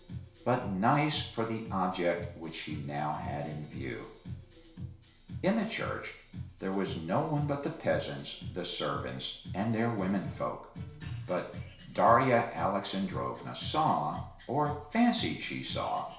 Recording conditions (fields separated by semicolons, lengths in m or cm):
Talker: one person; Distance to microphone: 1.0 m; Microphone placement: close; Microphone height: 1.1 m; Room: small (3.7 m by 2.7 m); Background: music